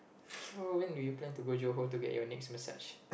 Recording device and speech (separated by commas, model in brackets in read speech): boundary microphone, conversation in the same room